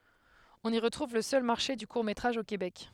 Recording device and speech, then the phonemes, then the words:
headset microphone, read sentence
ɔ̃n i ʁətʁuv lə sœl maʁʃe dy kuʁ metʁaʒ o kebɛk
On y retrouve le seul Marché du court métrage au Québec.

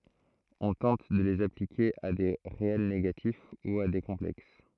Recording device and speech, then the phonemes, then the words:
throat microphone, read sentence
ɔ̃ tɑ̃t də lez aplike a de ʁeɛl neɡatif u a de kɔ̃plɛks
On tente de les appliquer à des réels négatifs ou à des complexes.

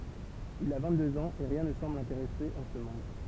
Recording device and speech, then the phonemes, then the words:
temple vibration pickup, read sentence
il a vɛ̃ɡtdøz ɑ̃z e ʁjɛ̃ nə sɑ̃bl lɛ̃teʁɛse ɑ̃ sə mɔ̃d
Il a vingt-deux ans et rien ne semble l’intéresser en ce monde.

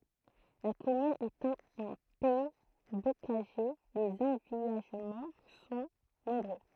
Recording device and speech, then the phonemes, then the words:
throat microphone, read sentence
la kɔmyn etɑ̃ ɑ̃ pɛi bokaʒe lez ɑ̃vijaʒmɑ̃ sɔ̃ nɔ̃bʁø
La commune étant en pays bocager, les envillagements sont nombreux.

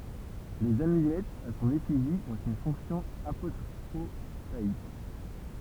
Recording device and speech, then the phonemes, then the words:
temple vibration pickup, read sentence
lez amylɛtz a sɔ̃n efiʒi ɔ̃t yn fɔ̃ksjɔ̃ apotʁopaik
Les amulettes à son effigie ont une fonction apotropaïque.

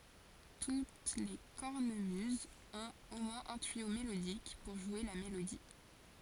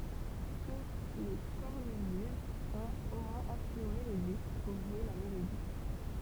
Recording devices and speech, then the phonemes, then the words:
forehead accelerometer, temple vibration pickup, read sentence
tut le kɔʁnəmyzz ɔ̃t o mwɛ̃z œ̃ tyijo melodik puʁ ʒwe la melodi
Toutes les cornemuses ont au moins un tuyau mélodique, pour jouer la mélodie.

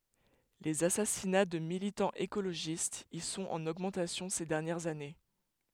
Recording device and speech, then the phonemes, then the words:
headset microphone, read sentence
lez asasina də militɑ̃z ekoloʒistz i sɔ̃t ɑ̃n oɡmɑ̃tasjɔ̃ se dɛʁnjɛʁz ane
Les assassinats de militants écologistes y sont en augmentation ces dernières années.

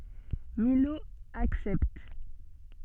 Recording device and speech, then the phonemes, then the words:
soft in-ear microphone, read sentence
milo aksɛpt
Milhaud accepte.

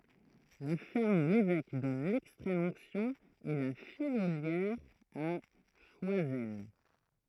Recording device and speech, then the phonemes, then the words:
throat microphone, read sentence
la fɛʁm u levɛk dɔn lɛkstʁɛm ɔ̃ksjɔ̃ ɛ la fijoljɛʁ a ʃwazɛl
La ferme où l'évêque donne l'extrême onction est La Fillolière à Choisel.

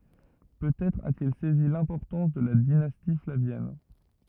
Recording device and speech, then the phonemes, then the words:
rigid in-ear microphone, read sentence
pøtɛtʁ atil sɛzi lɛ̃pɔʁtɑ̃s də la dinasti flavjɛn
Peut-être a-t-il saisi l’importance de la dynastie flavienne.

